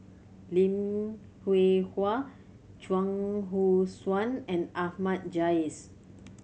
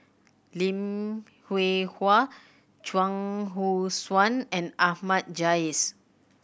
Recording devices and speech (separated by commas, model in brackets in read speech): mobile phone (Samsung C7100), boundary microphone (BM630), read sentence